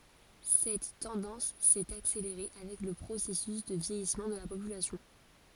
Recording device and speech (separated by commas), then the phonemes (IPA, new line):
forehead accelerometer, read sentence
sɛt tɑ̃dɑ̃s sɛt akseleʁe avɛk lə pʁosɛsys də vjɛjismɑ̃ də la popylasjɔ̃